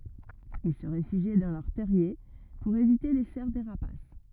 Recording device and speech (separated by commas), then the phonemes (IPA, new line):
rigid in-ear microphone, read sentence
il sə ʁefyʒi dɑ̃ lœʁ tɛʁje puʁ evite le sɛʁ de ʁapas